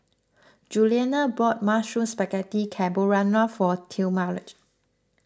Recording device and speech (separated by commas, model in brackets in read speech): close-talking microphone (WH20), read sentence